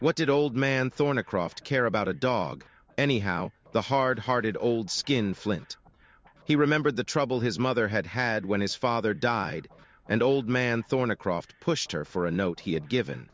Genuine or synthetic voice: synthetic